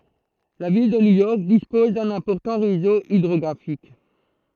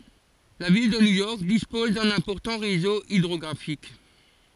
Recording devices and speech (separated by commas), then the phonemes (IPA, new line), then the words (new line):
throat microphone, forehead accelerometer, read sentence
la vil də njujɔʁk dispɔz dœ̃n ɛ̃pɔʁtɑ̃ ʁezo idʁɔɡʁafik
La ville de New York dispose d'un important réseau hydrographique.